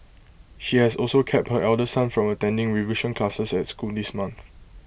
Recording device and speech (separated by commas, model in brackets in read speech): boundary microphone (BM630), read sentence